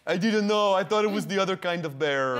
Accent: french accent